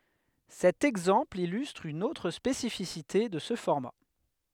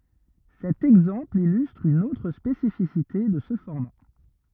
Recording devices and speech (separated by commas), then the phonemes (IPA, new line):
headset microphone, rigid in-ear microphone, read sentence
sɛt ɛɡzɑ̃pl ilystʁ yn otʁ spesifisite də sə fɔʁma